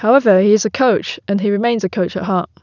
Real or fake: real